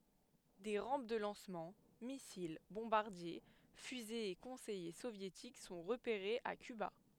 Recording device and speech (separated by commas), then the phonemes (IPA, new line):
headset microphone, read sentence
de ʁɑ̃p də lɑ̃smɑ̃ misil bɔ̃baʁdje fyzez e kɔ̃sɛje sovjetik sɔ̃ ʁəpeʁez a kyba